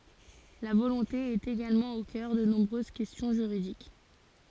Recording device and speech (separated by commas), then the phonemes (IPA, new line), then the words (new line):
forehead accelerometer, read sentence
la volɔ̃te ɛt eɡalmɑ̃ o kœʁ də nɔ̃bʁøz kɛstjɔ̃ ʒyʁidik
La volonté est également au cœur de nombreuses questions juridiques.